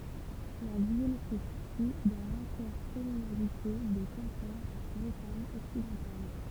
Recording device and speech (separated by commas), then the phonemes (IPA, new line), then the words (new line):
temple vibration pickup, read sentence
la vil sə sity dɑ̃ lɛ̃tɛʁkɔmynalite də kɛ̃pe bʁətaɲ ɔksidɑ̃tal
La ville se situe dans l'intercommunalité de Quimper Bretagne occidentale.